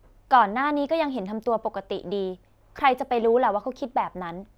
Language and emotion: Thai, neutral